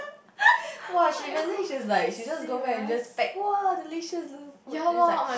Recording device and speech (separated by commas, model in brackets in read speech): boundary microphone, conversation in the same room